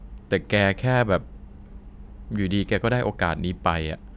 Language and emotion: Thai, frustrated